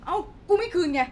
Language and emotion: Thai, angry